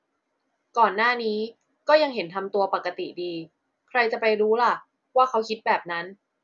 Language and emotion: Thai, neutral